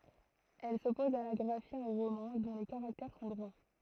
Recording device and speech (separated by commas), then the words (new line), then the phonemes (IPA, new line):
throat microphone, read sentence
Elle s’oppose à la graphie en romain dont les caractères sont droits.
ɛl sɔpɔz a la ɡʁafi ɑ̃ ʁomɛ̃ dɔ̃ le kaʁaktɛʁ sɔ̃ dʁwa